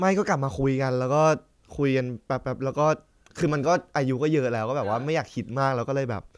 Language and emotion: Thai, frustrated